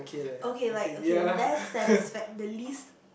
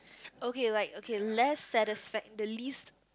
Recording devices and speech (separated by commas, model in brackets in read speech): boundary microphone, close-talking microphone, conversation in the same room